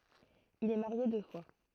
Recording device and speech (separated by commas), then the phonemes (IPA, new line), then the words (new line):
throat microphone, read sentence
il ɛ maʁje dø fwa
Il est marié deux fois.